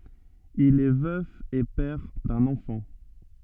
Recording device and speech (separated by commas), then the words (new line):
soft in-ear microphone, read sentence
Il est veuf et père d'un enfant.